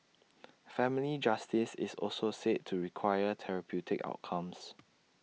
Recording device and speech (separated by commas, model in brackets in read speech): mobile phone (iPhone 6), read sentence